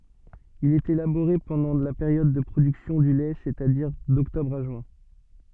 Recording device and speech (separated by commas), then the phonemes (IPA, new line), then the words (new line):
soft in-ear microphone, read sentence
il ɛt elaboʁe pɑ̃dɑ̃ la peʁjɔd də pʁodyksjɔ̃ dy lɛ sɛstadiʁ dɔktɔbʁ a ʒyɛ̃
Il est élaboré pendant la période de production du lait c'est-à-dire d'octobre à juin.